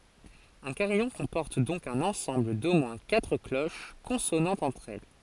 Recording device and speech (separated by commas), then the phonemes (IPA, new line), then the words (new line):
forehead accelerometer, read sentence
œ̃ kaʁijɔ̃ kɔ̃pɔʁt dɔ̃k œ̃n ɑ̃sɑ̃bl do mwɛ̃ katʁ kloʃ kɔ̃sonɑ̃tz ɑ̃tʁ ɛl
Un carillon comporte donc un ensemble d'au moins quatre cloches consonantes entre elles.